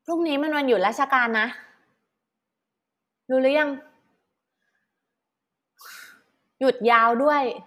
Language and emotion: Thai, frustrated